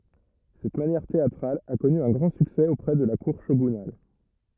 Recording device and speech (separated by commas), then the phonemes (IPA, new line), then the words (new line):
rigid in-ear microphone, read sentence
sɛt manjɛʁ teatʁal a kɔny œ̃ ɡʁɑ̃ syksɛ opʁɛ də la kuʁ ʃoɡynal
Cette manière théâtrale a connu un grand succès auprès de la cour shogunale.